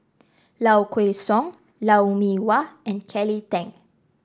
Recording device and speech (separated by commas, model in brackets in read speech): standing microphone (AKG C214), read sentence